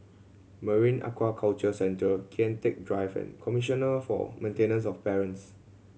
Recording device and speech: mobile phone (Samsung C7100), read sentence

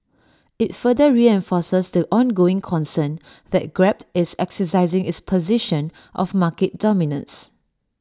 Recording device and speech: standing microphone (AKG C214), read sentence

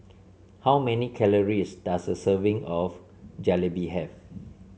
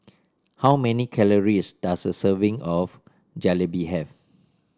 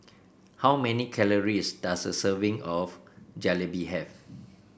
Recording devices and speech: mobile phone (Samsung C7), standing microphone (AKG C214), boundary microphone (BM630), read sentence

